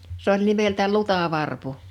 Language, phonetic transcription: Finnish, 's ‿oĺ 'nimeltä "lutà'varpu .
- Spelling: se oli nimeltä lutavarpu

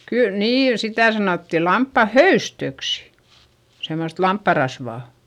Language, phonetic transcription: Finnish, kyl , niin sitä̀ sanòtti lamppa höystöksI , semmost lamppa rasvà .
- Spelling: kyllä niin sitä sanottiin lampaan höystöksi semmoista lampaan rasvaa

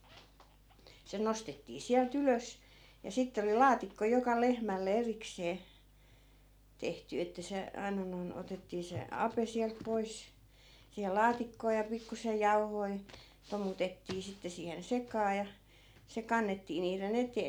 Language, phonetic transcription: Finnish, se 'nostettii 'siäl"t ‿ylös , ja 'sitte oli "laatikko joka 'lehmälle 'eriksee , 'tehty että 'se , 'aina noi̮n 'otettii se "ape siält 'pois , siihel̆ "laatikkoo ja 'pikkusej 'jau̬hoi̮ , 'tomutettii 'sitte siihen 'sekaa ja , 'se kannettii niire'n ‿etee .
- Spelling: se nostettiin sieltä ylös ja sitten oli laatikko joka lehmälle erikseen tehty että se aina noin otettiin se ape sieltä pois siihen laatikkoon ja pikkuisen jauhoja tomutettiin sitten siihen sekaan ja se kannettiin niiden eteen

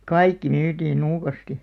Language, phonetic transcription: Finnish, kaikki 'nyytiin 'nuukasti .
- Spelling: kaikki myytiin nuukasti

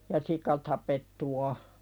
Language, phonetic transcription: Finnish, ja "sika tapettu o .
- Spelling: ja sika tapettu on

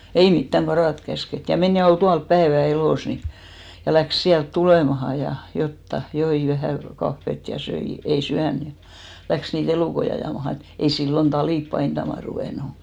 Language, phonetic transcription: Finnish, ei "mittäŋ 'ɢaràt käsket , ja men ja ol 'tual "päevä 'elòs ni , ja 'läks 'siält "tulèmaha , ja 'jotta , 'joi 'vähä̀ , 'kaffet , ja 'söi , ei "syän ja , 'läks nii"t ‿elùkoi ajàmaha , (ni) ei 'sillon "talìp 'painttama ruvènu .
- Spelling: ei mitään karata käsketty ja meni ja oli tuolla päivän elossa niin ja lähti sieltä tulemaan ja jotakin joi vähän kahvia ja söi ei syönyt ja lähti niitä elukoita ajamaan niin ei silloin talit painamaan ruvennut

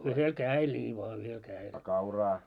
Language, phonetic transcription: Finnish, 'yhel "kää₍el ńii voa 'yhel 'kää₍el .
- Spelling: yhdellä kädellä niin vain yhdellä kädellä

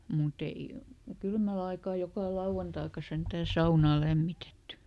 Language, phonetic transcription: Finnish, muˈt ‿ei , ˈkylmäl ‿aikaa jokà ˈlauʷantaika ˈsentää "saunaa ˈlämmitetty .
- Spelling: mutta ei kylmällä aikaa joka lauantaikaan sentään saunaa lämmitetty

